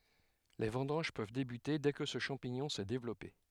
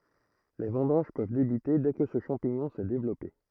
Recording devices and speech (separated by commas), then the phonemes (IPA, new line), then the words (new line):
headset microphone, throat microphone, read sentence
le vɑ̃dɑ̃ʒ pøv debyte dɛ kə sə ʃɑ̃piɲɔ̃ sɛ devlɔpe
Les vendanges peuvent débuter dès que ce champignon s'est développé.